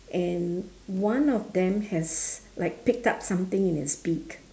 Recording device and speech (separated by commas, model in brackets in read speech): standing microphone, conversation in separate rooms